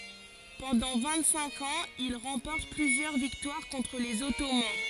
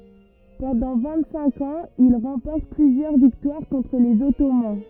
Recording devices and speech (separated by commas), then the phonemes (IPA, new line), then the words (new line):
forehead accelerometer, rigid in-ear microphone, read sentence
pɑ̃dɑ̃ vɛ̃t sɛ̃k ɑ̃z il ʁɑ̃pɔʁt plyzjœʁ viktwaʁ kɔ̃tʁ lez ɔtoman
Pendant vingt-cinq ans, il remporte plusieurs victoires contre les Ottomans.